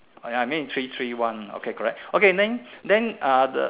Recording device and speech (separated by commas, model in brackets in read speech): telephone, conversation in separate rooms